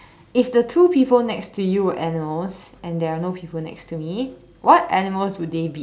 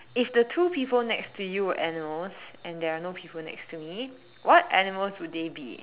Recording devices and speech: standing microphone, telephone, conversation in separate rooms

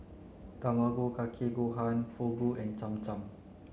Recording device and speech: mobile phone (Samsung C9), read sentence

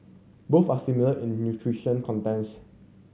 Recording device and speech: mobile phone (Samsung C7100), read sentence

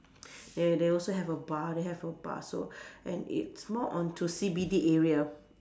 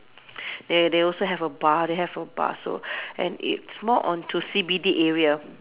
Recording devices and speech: standing microphone, telephone, conversation in separate rooms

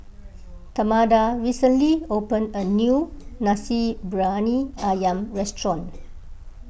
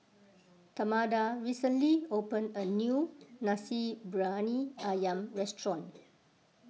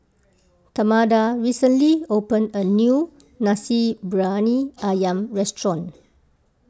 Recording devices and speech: boundary microphone (BM630), mobile phone (iPhone 6), close-talking microphone (WH20), read sentence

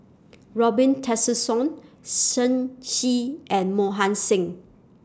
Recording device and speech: standing microphone (AKG C214), read sentence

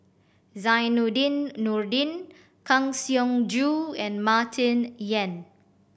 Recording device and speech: boundary microphone (BM630), read sentence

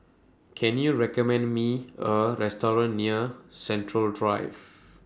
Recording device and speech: standing microphone (AKG C214), read sentence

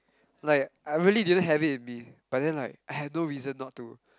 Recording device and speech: close-talking microphone, conversation in the same room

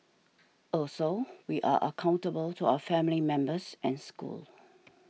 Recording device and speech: mobile phone (iPhone 6), read sentence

